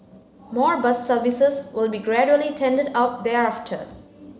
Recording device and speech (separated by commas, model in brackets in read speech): mobile phone (Samsung C9), read sentence